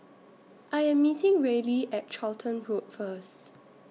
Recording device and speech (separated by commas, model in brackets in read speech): mobile phone (iPhone 6), read sentence